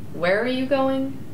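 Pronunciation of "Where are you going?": "Where are you going?" is said as a question with falling intonation.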